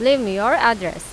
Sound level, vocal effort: 94 dB SPL, loud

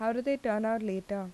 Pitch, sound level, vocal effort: 220 Hz, 84 dB SPL, normal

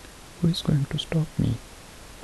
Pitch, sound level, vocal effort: 155 Hz, 66 dB SPL, soft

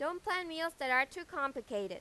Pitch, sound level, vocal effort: 285 Hz, 95 dB SPL, very loud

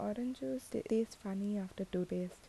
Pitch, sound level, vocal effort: 205 Hz, 75 dB SPL, soft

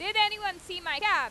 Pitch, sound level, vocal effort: 395 Hz, 103 dB SPL, very loud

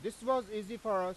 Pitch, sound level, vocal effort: 215 Hz, 100 dB SPL, very loud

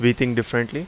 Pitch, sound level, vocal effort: 120 Hz, 87 dB SPL, loud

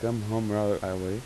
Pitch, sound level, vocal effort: 105 Hz, 86 dB SPL, soft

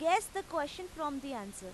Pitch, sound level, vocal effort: 305 Hz, 94 dB SPL, very loud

